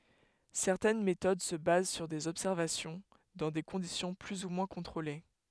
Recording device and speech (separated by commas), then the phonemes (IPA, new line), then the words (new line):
headset microphone, read sentence
sɛʁtɛn metod sə baz syʁ dez ɔbsɛʁvasjɔ̃ dɑ̃ de kɔ̃disjɔ̃ ply u mwɛ̃ kɔ̃tʁole
Certaines méthodes se basent sur des observations, dans des conditions plus ou moins contrôlées.